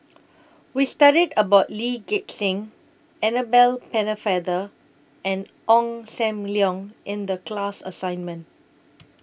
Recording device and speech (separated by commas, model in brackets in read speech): boundary microphone (BM630), read sentence